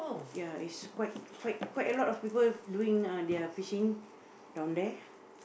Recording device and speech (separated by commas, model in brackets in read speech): boundary microphone, conversation in the same room